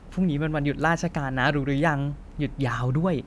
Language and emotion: Thai, happy